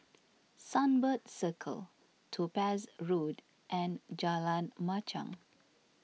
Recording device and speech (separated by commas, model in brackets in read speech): mobile phone (iPhone 6), read sentence